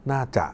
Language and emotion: Thai, neutral